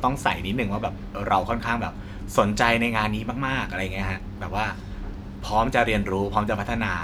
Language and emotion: Thai, happy